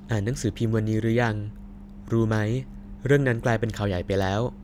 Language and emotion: Thai, neutral